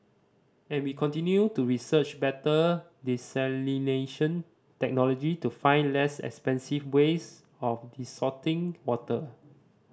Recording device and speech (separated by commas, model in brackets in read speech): standing microphone (AKG C214), read sentence